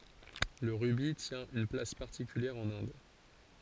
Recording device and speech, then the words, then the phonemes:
forehead accelerometer, read sentence
Le rubis tient une place particulière en Inde.
lə ʁybi tjɛ̃ yn plas paʁtikyljɛʁ ɑ̃n ɛ̃d

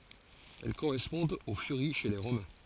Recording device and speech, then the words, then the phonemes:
forehead accelerometer, read sentence
Elles correspondent aux Furies chez les Romains.
ɛl koʁɛspɔ̃dt o fyʁi ʃe le ʁomɛ̃

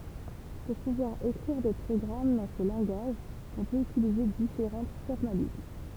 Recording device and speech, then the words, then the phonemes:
temple vibration pickup, read sentence
Pour pouvoir écrire des programmes dans ce langage on peut utiliser différents formalismes.
puʁ puvwaʁ ekʁiʁ de pʁɔɡʁam dɑ̃ sə lɑ̃ɡaʒ ɔ̃ pøt ytilize difeʁɑ̃ fɔʁmalism

